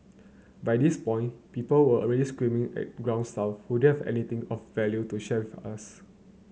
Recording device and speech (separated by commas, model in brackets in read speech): mobile phone (Samsung C9), read sentence